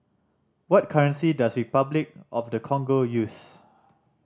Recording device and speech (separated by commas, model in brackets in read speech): standing microphone (AKG C214), read sentence